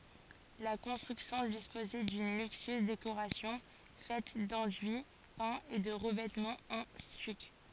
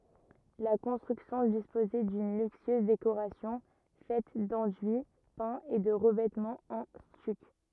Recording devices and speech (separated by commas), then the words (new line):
forehead accelerometer, rigid in-ear microphone, read sentence
La construction disposait d'une luxueuse décoration faite d'enduits peints et de revêtements en stuc.